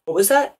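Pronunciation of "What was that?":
'What was that?' is said with rising intonation; the voice goes up.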